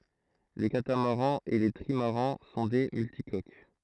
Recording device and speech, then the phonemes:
throat microphone, read sentence
le katamaʁɑ̃z e le tʁimaʁɑ̃ sɔ̃ de myltikok

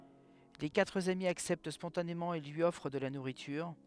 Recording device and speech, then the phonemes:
headset microphone, read sentence
le katʁ ami aksɛpt spɔ̃tanemɑ̃ e lyi ɔfʁ də la nuʁityʁ

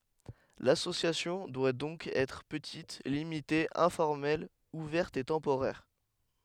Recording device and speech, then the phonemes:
headset microphone, read sentence
lasosjasjɔ̃ dwa dɔ̃k ɛtʁ pətit limite ɛ̃fɔʁmɛl uvɛʁt e tɑ̃poʁɛʁ

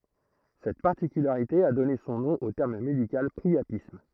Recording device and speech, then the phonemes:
throat microphone, read sentence
sɛt paʁtikylaʁite a dɔne sɔ̃ nɔ̃ o tɛʁm medikal pʁiapism

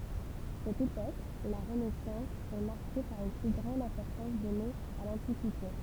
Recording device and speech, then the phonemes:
temple vibration pickup, read sentence
sɛt epok la ʁənɛsɑ̃s ɛ maʁke paʁ yn ply ɡʁɑ̃d ɛ̃pɔʁtɑ̃s dɔne a lɑ̃tikite

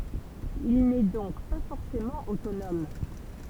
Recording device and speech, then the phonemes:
temple vibration pickup, read sentence
il nɛ dɔ̃k pa fɔʁsemɑ̃ otonɔm

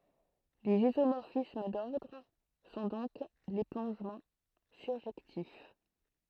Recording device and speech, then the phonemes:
throat microphone, read sentence
lez izomɔʁfism dɔʁdʁ sɔ̃ dɔ̃k le plɔ̃ʒmɑ̃ syʁʒɛktif

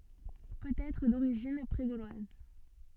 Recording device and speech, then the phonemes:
soft in-ear microphone, read sentence
pøt ɛtʁ doʁiʒin pʁe ɡolwaz

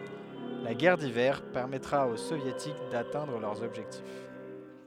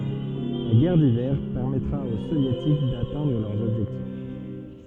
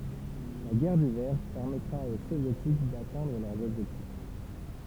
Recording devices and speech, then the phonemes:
headset microphone, soft in-ear microphone, temple vibration pickup, read sentence
la ɡɛʁ divɛʁ pɛʁmɛtʁa o sovjetik datɛ̃dʁ lœʁz ɔbʒɛktif

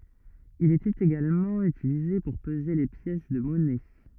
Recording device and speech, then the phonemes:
rigid in-ear microphone, read sentence
il etɛt eɡalmɑ̃ ytilize puʁ pəze le pjɛs də mɔnɛ

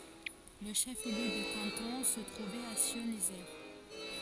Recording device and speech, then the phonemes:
forehead accelerometer, read sentence
lə ʃəfliø də kɑ̃tɔ̃ sə tʁuvɛt a sjɔ̃zje

